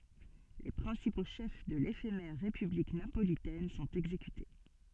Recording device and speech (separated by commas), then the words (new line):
soft in-ear microphone, read sentence
Les principaux chefs de l'éphémère république napolitaine sont exécutés.